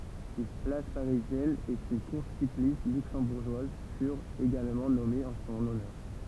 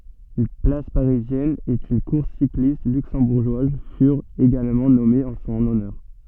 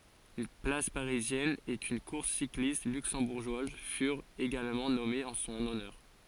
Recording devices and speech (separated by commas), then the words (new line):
temple vibration pickup, soft in-ear microphone, forehead accelerometer, read sentence
Une place parisienne et une course cycliste luxembourgeoise furent également nommées en son honneur.